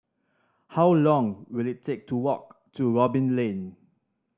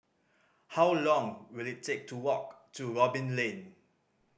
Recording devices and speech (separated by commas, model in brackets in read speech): standing microphone (AKG C214), boundary microphone (BM630), read sentence